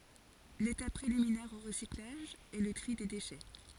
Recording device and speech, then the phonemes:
forehead accelerometer, read sentence
letap pʁeliminɛʁ o ʁəsiklaʒ ɛ lə tʁi de deʃɛ

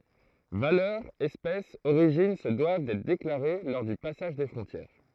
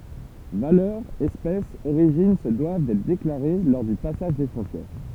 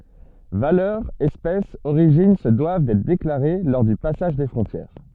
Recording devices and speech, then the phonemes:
throat microphone, temple vibration pickup, soft in-ear microphone, read sentence
valœʁ ɛspɛs oʁiʒin sə dwav dɛtʁ deklaʁe lɔʁ dy pasaʒ de fʁɔ̃tjɛʁ

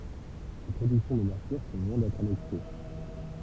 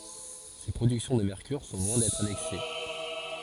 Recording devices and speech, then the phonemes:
temple vibration pickup, forehead accelerometer, read sentence
se pʁodyksjɔ̃ də mɛʁkyʁ sɔ̃ lwɛ̃ dɛtʁ anɛks

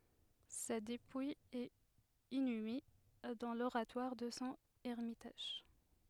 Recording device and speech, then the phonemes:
headset microphone, read sentence
sa depuj ɛt inyme dɑ̃ loʁatwaʁ də sɔ̃ ɛʁmitaʒ

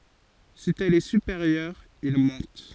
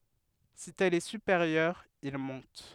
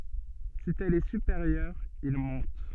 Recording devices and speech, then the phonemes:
forehead accelerometer, headset microphone, soft in-ear microphone, read sentence
si ɛl ɛ sypeʁjœʁ il mɔ̃t

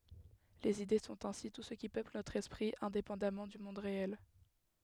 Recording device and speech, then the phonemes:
headset microphone, read sentence
lez ide sɔ̃t ɛ̃si tu sə ki pøpl notʁ ɛspʁi ɛ̃depɑ̃damɑ̃ dy mɔ̃d ʁeɛl

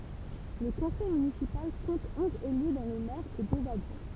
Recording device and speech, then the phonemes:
temple vibration pickup, read sentence
lə kɔ̃sɛj mynisipal kɔ̃t ɔ̃z ely dɔ̃ lə mɛʁ e døz adʒwɛ̃

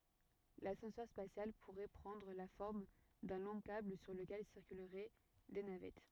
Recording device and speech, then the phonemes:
rigid in-ear microphone, read sentence
lasɑ̃sœʁ spasjal puʁɛ pʁɑ̃dʁ la fɔʁm dœ̃ lɔ̃ kabl syʁ ləkɛl siʁkylʁɛ de navɛt

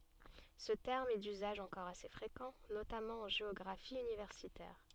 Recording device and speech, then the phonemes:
soft in-ear microphone, read sentence
sə tɛʁm ɛ dyzaʒ ɑ̃kɔʁ ase fʁekɑ̃ notamɑ̃ ɑ̃ ʒeɔɡʁafi ynivɛʁsitɛʁ

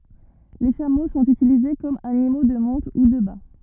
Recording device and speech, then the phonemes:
rigid in-ear microphone, read sentence
le ʃamo sɔ̃t ytilize kɔm animo də mɔ̃t u də ba

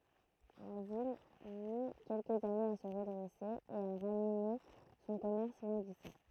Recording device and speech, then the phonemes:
throat microphone, read sentence
la vil mi kɛlkəz anez a sə ʁədʁɛse e a ʁanime sɔ̃ kɔmɛʁs lɑ̃ɡisɑ̃

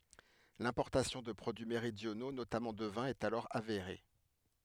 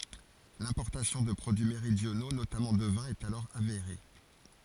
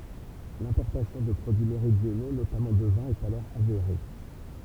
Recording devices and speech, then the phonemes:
headset microphone, forehead accelerometer, temple vibration pickup, read sentence
lɛ̃pɔʁtasjɔ̃ də pʁodyi meʁidjono notamɑ̃ də vɛ̃ ɛt alɔʁ aveʁe

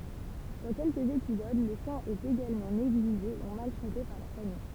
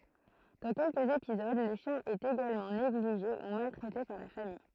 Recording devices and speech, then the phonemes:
temple vibration pickup, throat microphone, read sentence
dɑ̃ kɛlkəz epizod lə ʃjɛ̃ ɛt eɡalmɑ̃ neɡliʒe u maltʁɛte paʁ la famij

